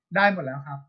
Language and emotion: Thai, neutral